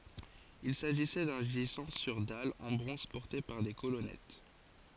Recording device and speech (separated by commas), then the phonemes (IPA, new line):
forehead accelerometer, read sentence
il saʒisɛ dœ̃ ʒizɑ̃ syʁ dal ɑ̃ bʁɔ̃z pɔʁte paʁ de kolɔnɛt